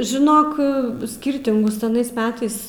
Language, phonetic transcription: Lithuanian, žiˈnok ˈskyrtingus aˈnais ˈmetais

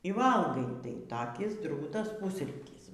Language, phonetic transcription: Lithuanian, y ˈvalgai tai taˈkis ˈdrūtas ˈpusrytys

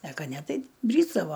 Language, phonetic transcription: Lithuanian, e ˈka ˈne ˈtai ˈbrysdavo

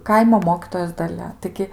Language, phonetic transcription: Lithuanian, ˈkaimo ˈmokytojos daˈlia taiˈgi

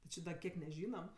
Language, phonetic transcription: Lithuanian, ti ˈči da ˈkiek neˈžynam

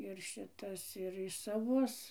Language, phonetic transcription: Lithuanian, ir ˈšitas ir i saˈvus

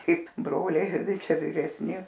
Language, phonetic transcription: Lithuanian, ˈkaip ˈbroliai ˈtai ˈčia viresˈni

